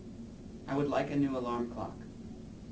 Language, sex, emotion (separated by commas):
English, male, neutral